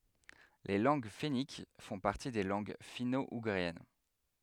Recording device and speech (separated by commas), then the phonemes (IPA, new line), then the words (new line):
headset microphone, read sentence
le lɑ̃ɡ fɛnik fɔ̃ paʁti de lɑ̃ɡ fino uɡʁiɛn
Les langues fenniques font partie des langues finno-ougriennes.